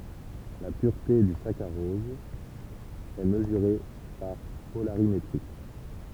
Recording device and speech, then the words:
temple vibration pickup, read sentence
La pureté du saccharose est mesurée par polarimétrie.

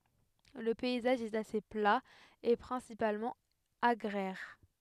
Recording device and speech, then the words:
headset microphone, read sentence
Le paysage est assez plat et principalement agraire.

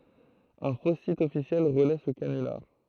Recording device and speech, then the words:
throat microphone, read sentence
Un faux site officiel relaie ce canular.

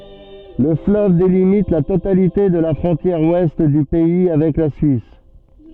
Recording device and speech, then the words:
soft in-ear microphone, read sentence
Le fleuve délimite la totalité de la frontière ouest du pays avec la Suisse.

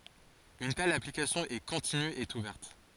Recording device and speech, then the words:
forehead accelerometer, read sentence
Une telle application est continue et ouverte.

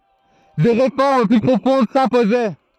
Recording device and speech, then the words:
throat microphone, read sentence
Des réformes plus profondes s'imposaient.

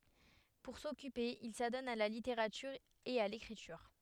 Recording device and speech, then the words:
headset microphone, read sentence
Pour s'occuper, il s'adonne à la littérature et à l’écriture.

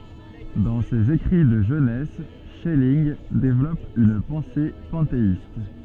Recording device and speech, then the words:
soft in-ear microphone, read sentence
Dans ses écrits de jeunesse, Schelling développe une pensée panthéiste.

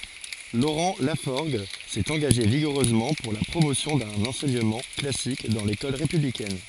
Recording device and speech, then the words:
forehead accelerometer, read sentence
Laurent Lafforgue s'est engagé vigoureusement pour la promotion d'un enseignement classique dans l'école républicaine.

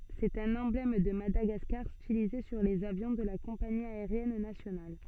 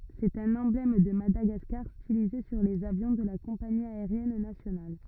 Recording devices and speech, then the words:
soft in-ear microphone, rigid in-ear microphone, read sentence
C'est un emblème de Madagascar, stylisé sur les avions de la compagnie aérienne nationale.

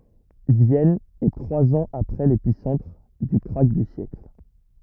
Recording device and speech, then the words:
rigid in-ear microphone, read sentence
Vienne est trois ans après l'épicentre du krach du siècle.

